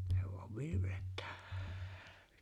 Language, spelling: Finnish, se vain virveltää
- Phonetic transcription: se vu̬av 'virvelt̀ᴀ̈ᴀ̈ .

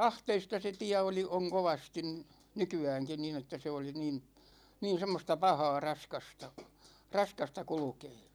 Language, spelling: Finnish, ahteista se tie oli on kovasti nykyäänkin niin että se oli niin niin semmoista pahaa raskasta raskasta kulkea
- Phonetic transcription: ahteista se 'tiä oli oŋ 'kovastin , 'nyky₍ääŋkin niin ‿että 'se oli niin , niin̬ 'semmosta "pahaa 'raskasta , "raskasta 'kulᵘkee .

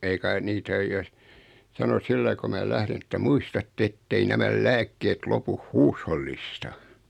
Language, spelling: Finnish, ei kai niitä ole jos sanoi sillä lailla kun minä lähdin että muistatte että ei nämä lääkkeet lopu huushollista
- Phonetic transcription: 'ei kai 'nitä oj jos , sano 'sillai ko 'mää "lährin että » "muis-tatte "ettei 'nämäl "lääk-keet 'lopuh "huushollista !

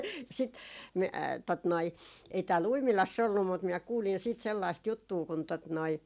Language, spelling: Finnish, ja sitten - tuota noin ei täällä Uimilassa ollut mutta minä kuulin sitten sellaista juttua kun tuota noin
- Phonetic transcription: ja sit , mi- , tot noi , ei tää"l ‿Uimilass ‿ollum mut minä 'kuulin siit sellaist 'juttuu kun tot noi ,.

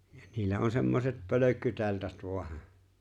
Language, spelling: Finnish, ja niillä on semmoiset pölkkyteltat vain -
- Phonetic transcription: ja niillä 'on 'semmoset 'pölökkyte̬ltat vo̭a hə .

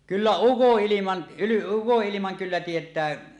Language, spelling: Finnish, kyllä ukonilman ukonilman kyllä tietää
- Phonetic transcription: 'kyllä "ukoˀ"ˀiliman , uko’’ilimaŋ kyllä 'tiet̀ää .

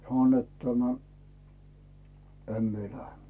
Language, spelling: Finnish, sanoi että tämä en minä lähde
- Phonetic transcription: sano net tämä , » 'em mie lähe « .

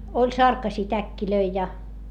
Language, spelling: Finnish, oli sarkaisia täkkejä ja
- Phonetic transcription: oĺ sarkasii täkkilöi ja .

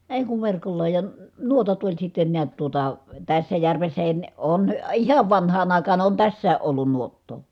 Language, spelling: Finnish, ei kun verkolla ja - nuotat oli sitten näet tuota tässä järvessäkin ne on ihan vanhaan aikaan on tässäkin ollut nuottaa
- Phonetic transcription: èi̮ kuv verkolla ja , n- nuotat oĺ sitten niät tuota , tässä järvessähin ne , on , ihav vanhaan ‿àikaan on tässää ʼollun nuottoo .

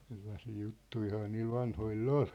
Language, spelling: Finnish, sellaisia juttujahan niillä vanhoilla oli
- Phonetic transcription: ˢellasii 'juttuihaa niil 'vanhoil"l ‿ol .

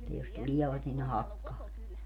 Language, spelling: Finnish, että jos tulevat niin ne hakkaa ne
- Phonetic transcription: [et]tä jos "tuliɛvat nin ne "hakkaa ne .

